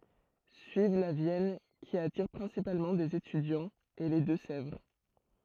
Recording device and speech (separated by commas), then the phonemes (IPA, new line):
throat microphone, read sentence
syiv la vjɛn ki atiʁ pʁɛ̃sipalmɑ̃ dez etydjɑ̃z e le dø sɛvʁ